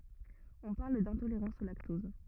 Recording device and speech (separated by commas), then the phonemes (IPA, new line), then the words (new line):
rigid in-ear microphone, read sentence
ɔ̃ paʁl dɛ̃toleʁɑ̃s o laktɔz
On parle d'intolérance au lactose.